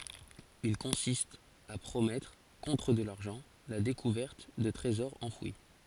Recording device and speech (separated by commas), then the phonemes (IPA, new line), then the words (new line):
forehead accelerometer, read sentence
il kɔ̃sist a pʁomɛtʁ kɔ̃tʁ də laʁʒɑ̃ la dekuvɛʁt də tʁezɔʁz ɑ̃fwi
Il consiste à promettre, contre de l'argent, la découverte de trésors enfouis.